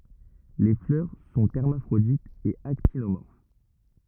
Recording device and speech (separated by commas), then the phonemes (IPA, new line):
rigid in-ear microphone, read sentence
le flœʁ sɔ̃ ɛʁmafʁoditz e aktinomɔʁf